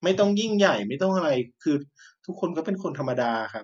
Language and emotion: Thai, frustrated